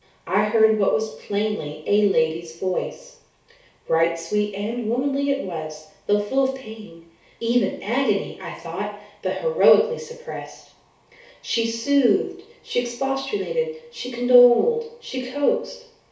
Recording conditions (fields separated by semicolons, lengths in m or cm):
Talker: one person; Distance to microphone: 3.0 m; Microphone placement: far; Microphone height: 1.8 m; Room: small (3.7 m by 2.7 m); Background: none